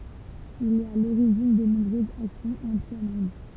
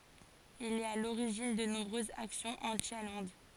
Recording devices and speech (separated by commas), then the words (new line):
temple vibration pickup, forehead accelerometer, read sentence
Il est à l'origine de nombreuses actions anti-allemandes.